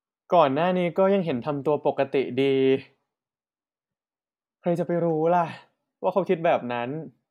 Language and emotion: Thai, frustrated